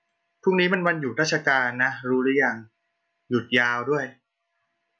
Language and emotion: Thai, neutral